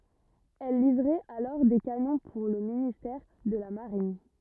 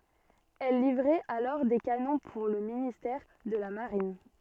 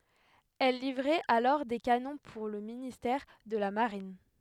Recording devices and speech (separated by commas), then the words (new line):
rigid in-ear microphone, soft in-ear microphone, headset microphone, read sentence
Elle livrait alors des canons pour le ministère de la Marine.